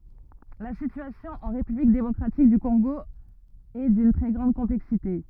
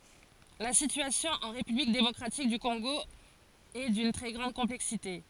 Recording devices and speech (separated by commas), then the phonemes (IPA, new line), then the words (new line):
rigid in-ear microphone, forehead accelerometer, read sentence
la sityasjɔ̃ ɑ̃ ʁepyblik demɔkʁatik dy kɔ̃ɡo ɛ dyn tʁɛ ɡʁɑ̃d kɔ̃plɛksite
La situation en république démocratique du Congo est d'une très grande complexité.